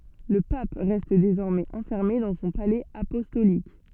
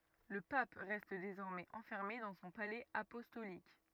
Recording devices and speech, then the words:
soft in-ear microphone, rigid in-ear microphone, read sentence
Le pape reste désormais enfermé dans son palais apostolique.

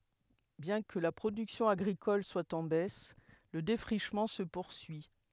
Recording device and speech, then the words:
headset microphone, read sentence
Bien que la production agricole soit en baisse, le défrichement se poursuit.

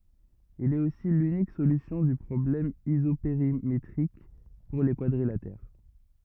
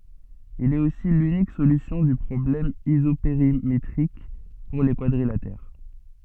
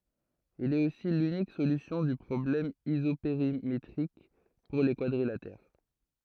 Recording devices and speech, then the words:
rigid in-ear microphone, soft in-ear microphone, throat microphone, read sentence
Il est aussi l'unique solution du problème isopérimétrique pour les quadrilatères.

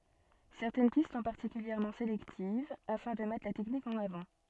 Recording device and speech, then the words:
soft in-ear microphone, read sentence
Certaines pistes sont particulièrement sélectives afin de mettre la technique en avant.

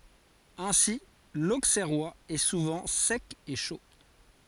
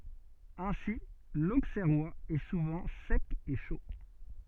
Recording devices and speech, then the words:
forehead accelerometer, soft in-ear microphone, read sentence
Ainsi, l'Auxerrois est souvent sec et chaud.

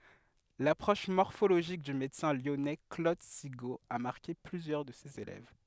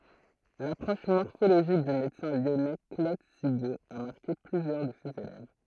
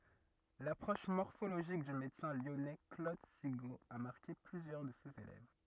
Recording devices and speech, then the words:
headset microphone, throat microphone, rigid in-ear microphone, read sentence
L'approche morphologique du médecin lyonnais Claude Sigaud a marqué plusieurs de ses élèves.

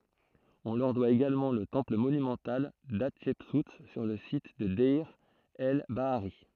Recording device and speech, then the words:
throat microphone, read sentence
On leur doit également le temple monumental d'Hatchepsout sur le site de Deir el-Bahari.

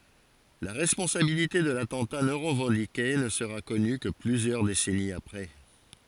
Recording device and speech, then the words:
forehead accelerometer, read sentence
La responsabilité de l'attentat non revendiqué ne sera connue que plusieurs décennies après.

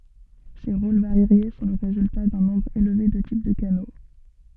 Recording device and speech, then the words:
soft in-ear microphone, read sentence
Ces rôles variés sont le résultat d'un nombre élevé de types de canaux.

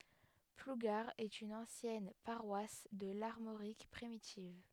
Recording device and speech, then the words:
headset microphone, read sentence
Plougar est une ancienne paroisse de l'Armorique primitive.

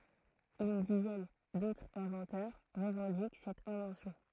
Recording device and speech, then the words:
throat microphone, read sentence
Une dizaine d'autres inventeurs revendiquent cette invention.

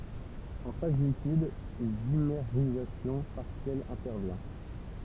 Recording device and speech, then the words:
temple vibration pickup, read sentence
En phase liquide, une dimérisation partielle intervient.

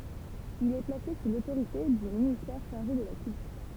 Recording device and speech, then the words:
temple vibration pickup, read sentence
Il est placé sous l'autorité du ministère chargé de la Culture.

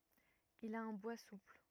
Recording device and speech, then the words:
rigid in-ear microphone, read sentence
Il a un bois souple.

